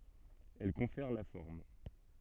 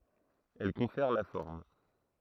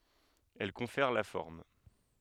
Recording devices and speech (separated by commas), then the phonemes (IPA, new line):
soft in-ear microphone, throat microphone, headset microphone, read sentence
ɛl kɔ̃fɛʁ la fɔʁm